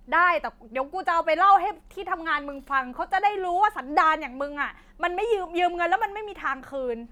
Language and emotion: Thai, angry